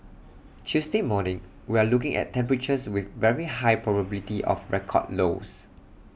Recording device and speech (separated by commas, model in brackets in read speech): boundary microphone (BM630), read sentence